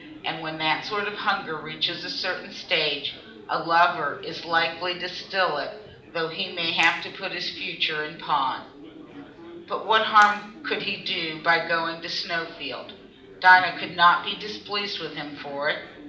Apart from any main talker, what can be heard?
Crowd babble.